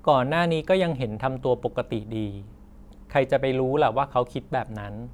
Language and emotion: Thai, neutral